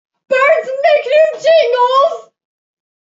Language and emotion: English, fearful